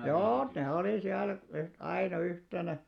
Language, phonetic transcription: Finnish, 'joo , 'ne olì 'siäl , yht- 'aina 'yhtenä .
- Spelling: joo ne oli siellä - aina yhtenä

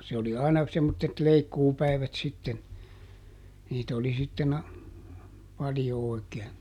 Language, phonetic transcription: Finnish, se oli aina , semmottet ˈleikkuupäi̮vät sitten , niitä oli sitten ‿a- , ˈpaljo òi̮keen .
- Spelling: se oli aina semmoiset leikkuupäivät sitten niitä oli sitten - paljon oikein

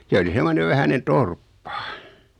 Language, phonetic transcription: Finnish, 'se oli 'semmonev 'vähänen "torppa .
- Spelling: se oli semmoinen vähäinen torppa

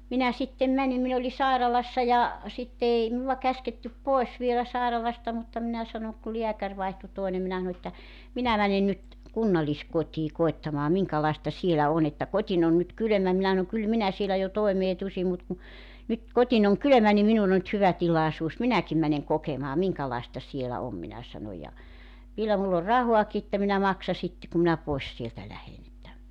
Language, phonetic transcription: Finnish, 'minä sittem "mänim 'min ‿oli 'sàiralassa ja , sitte 'ei minuwa 'käskettyp "poes vielä 'sàeralasta mutta 'minä sanoŋ ku 'liäkär vaihtu 'toinem minä ˢᵃno että , » 'minä 'mäne nyt , "kunnalliskot́ii 'koettamaa 'miŋkalaesta "sielä on ‿että 'kot́in ‿on 'nyt "kylᵒ̈mä 'minä ˢanoŋ 'kyl 'minä sielä jo 'toemee 'tusim mut ku , 'nyt , 'kotin ‿oŋ "kylömä ni 'minun ‿o nʸt 'hyvä 'tilàesuus , "minäkim mäneŋ 'kokemaa 'miŋkalàesta sielä 'om « minä 'sano ja , 'vielä mull ‿or "rahuaki että minä 'maksa 'sitte kum minä 'poes sieltä 'lähen ‿että ,.
- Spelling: minä sitten menin minä olin sairaalassa ja sitten ei minua käsketty pois vielä sairaalasta mutta minä sanoin kun lääkäri vaihtui toinen minä sanoin että minä menen nyt kunnalliskotiin koettamaan minkälaista siellä on että kotini on nyt kylmä minä sanoin kyllä minä siellä jo toimeen tulisin mutta kun nyt kotini on kylmä niin minun on nyt hyvä tilaisuus minäkin menen kokemaan minkälaista siellä on minä sanoin ja vielä minulla on rahaakin että minä maksan sitten kun minä pois sieltä lähden että

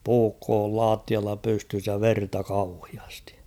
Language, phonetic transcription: Finnish, 'puukkoo ol "laattialla 'pystys ja "verta 'kauhiastɪ . «
- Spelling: puukko oli lattialla pystyssä ja verta kauheasti

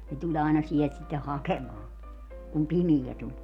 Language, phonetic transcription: Finnish, ne 'tuĺ aina 'sielt sitte 'hakemaa , kum "pimijä 'tuĺ .
- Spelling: ne tuli aina sieltä sitten hakemaan kun pimeä tuli

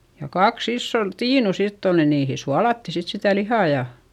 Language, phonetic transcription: Finnish, ja kaks isson , tiinu sitt ‿ol ni niihi sualatti sit sitä lihà ja ,.
- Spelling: ja kaksi isoon tiinua sitten oli niin niihin suolattiin sitten sitä lihaa ja

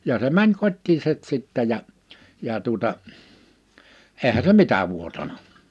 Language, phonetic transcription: Finnish, ja se 'mäń 'kot́tiisɛt 'sittä ja , 'jà tuᵒta , 'eehä se "mitä vuotana .
- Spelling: ja se meni kotiinsa sitten ja ja tuota eihän se mitä vuotanut

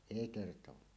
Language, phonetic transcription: Finnish, èi 'kertowaa .
- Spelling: ei kertaakaan

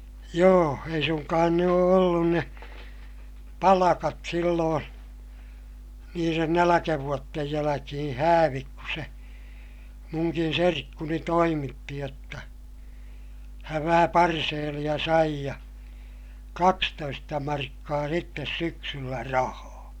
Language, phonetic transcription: Finnish, joo , ei suŋkaan ne oo ollun ne , palakat silloon , niiren näläkävuottej jäläkihiḭ häävik ku se , muŋkin serkkuni toimitti jotta , häv vähä parseeliʲa sai ja , kakstoista markkaa sittes syksyllä rahaa .
- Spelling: joo ei suinkaan ne ole ollut ne palkat silloin niiden nälkävuosien jälkeen häävit kun se minunkin serkkuni toimitti jotta hän vähän parseelia sai ja kaksitoista markkaa sitten syksyllä rahaa

